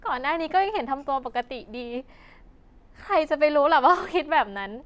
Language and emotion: Thai, happy